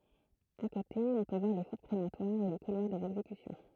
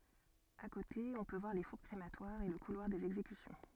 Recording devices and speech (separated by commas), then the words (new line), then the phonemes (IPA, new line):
throat microphone, soft in-ear microphone, read sentence
À côté, on peut voir les fours crématoires et le couloir des exécutions.
a kote ɔ̃ pø vwaʁ le fuʁ kʁematwaʁz e lə kulwaʁ dez ɛɡzekysjɔ̃